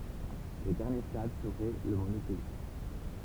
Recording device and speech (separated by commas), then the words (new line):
temple vibration pickup, read sentence
Le dernier stade serait le monothéisme.